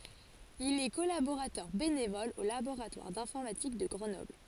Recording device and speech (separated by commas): forehead accelerometer, read sentence